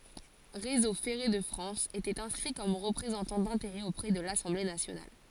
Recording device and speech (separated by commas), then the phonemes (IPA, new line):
forehead accelerometer, read sentence
ʁezo fɛʁe də fʁɑ̃s etɛt ɛ̃skʁi kɔm ʁəpʁezɑ̃tɑ̃ dɛ̃teʁɛz opʁɛ də lasɑ̃ble nasjonal